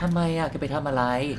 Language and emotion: Thai, frustrated